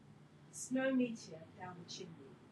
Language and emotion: English, surprised